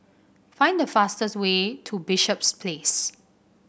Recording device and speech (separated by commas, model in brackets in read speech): boundary microphone (BM630), read sentence